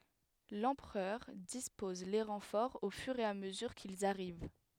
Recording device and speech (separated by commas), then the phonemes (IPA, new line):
headset microphone, read sentence
lɑ̃pʁœʁ dispɔz le ʁɑ̃fɔʁz o fyʁ e a məzyʁ kilz aʁiv